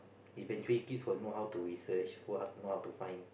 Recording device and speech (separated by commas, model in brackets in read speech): boundary microphone, conversation in the same room